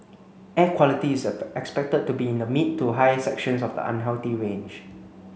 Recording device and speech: mobile phone (Samsung C9), read sentence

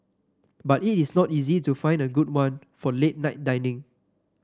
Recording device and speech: standing microphone (AKG C214), read sentence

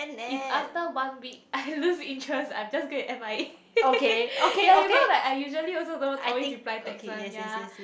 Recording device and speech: boundary microphone, conversation in the same room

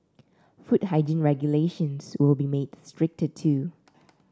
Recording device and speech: standing microphone (AKG C214), read sentence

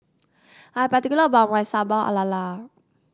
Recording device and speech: standing microphone (AKG C214), read sentence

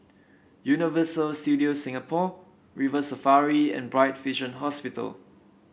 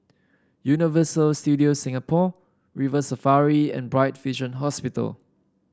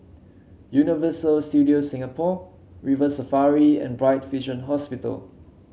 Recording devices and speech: boundary microphone (BM630), standing microphone (AKG C214), mobile phone (Samsung C7), read sentence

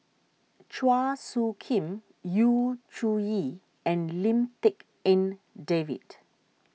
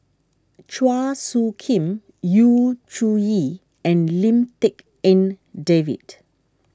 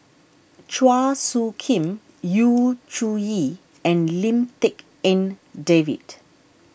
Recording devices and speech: mobile phone (iPhone 6), standing microphone (AKG C214), boundary microphone (BM630), read sentence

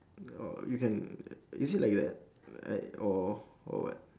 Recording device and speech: standing microphone, conversation in separate rooms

